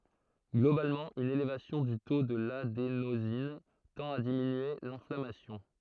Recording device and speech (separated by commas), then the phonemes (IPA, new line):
throat microphone, read sentence
ɡlobalmɑ̃ yn elevasjɔ̃ dy to də ladenozin tɑ̃t a diminye lɛ̃flamasjɔ̃